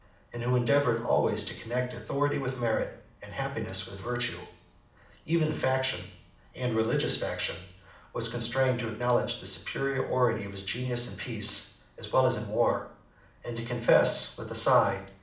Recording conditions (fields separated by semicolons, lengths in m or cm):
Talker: one person; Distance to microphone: 2.0 m; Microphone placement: close; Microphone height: 99 cm; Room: medium-sized (5.7 m by 4.0 m); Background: none